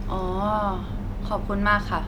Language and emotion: Thai, neutral